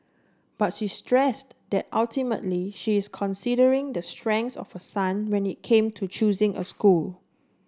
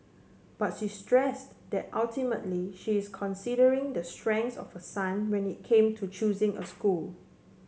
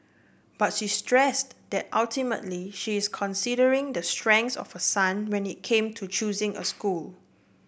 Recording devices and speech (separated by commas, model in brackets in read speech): standing microphone (AKG C214), mobile phone (Samsung C7), boundary microphone (BM630), read sentence